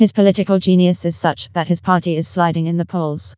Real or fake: fake